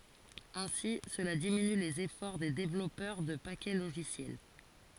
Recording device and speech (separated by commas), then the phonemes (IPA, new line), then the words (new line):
forehead accelerometer, read sentence
ɛ̃si səla diminy lez efɔʁ de devlɔpœʁ də pakɛ loʒisjɛl
Ainsi, cela diminue les efforts des développeurs de paquets logiciels.